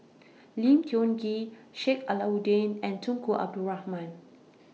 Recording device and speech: mobile phone (iPhone 6), read sentence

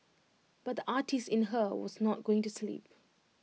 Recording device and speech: mobile phone (iPhone 6), read sentence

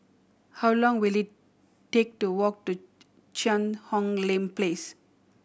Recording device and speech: boundary microphone (BM630), read sentence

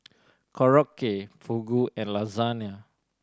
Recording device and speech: standing microphone (AKG C214), read sentence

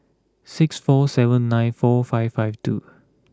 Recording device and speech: close-talking microphone (WH20), read sentence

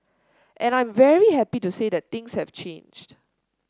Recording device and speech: standing microphone (AKG C214), read sentence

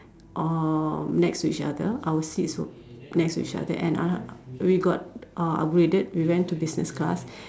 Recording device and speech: standing microphone, conversation in separate rooms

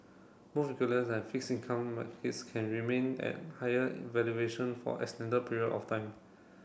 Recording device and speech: boundary microphone (BM630), read sentence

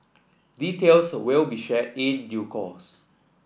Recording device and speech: boundary microphone (BM630), read sentence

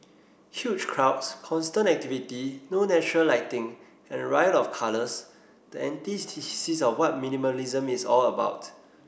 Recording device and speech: boundary microphone (BM630), read sentence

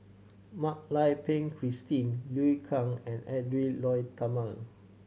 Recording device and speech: mobile phone (Samsung C7100), read sentence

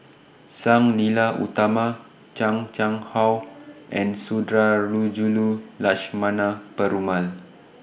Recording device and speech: boundary microphone (BM630), read sentence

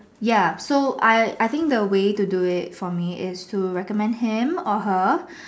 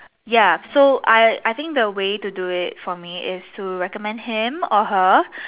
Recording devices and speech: standing microphone, telephone, conversation in separate rooms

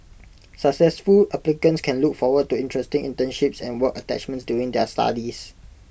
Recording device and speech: boundary microphone (BM630), read sentence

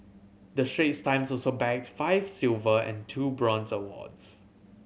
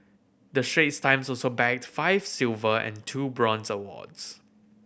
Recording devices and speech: mobile phone (Samsung C7100), boundary microphone (BM630), read sentence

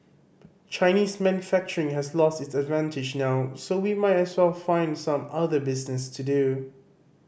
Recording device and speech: boundary microphone (BM630), read sentence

